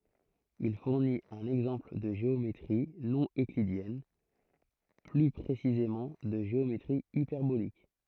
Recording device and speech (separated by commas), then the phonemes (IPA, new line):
throat microphone, read sentence
il fuʁnit œ̃n ɛɡzɑ̃pl də ʒeometʁi nɔ̃ øklidjɛn ply pʁesizemɑ̃ də ʒeometʁi ipɛʁbolik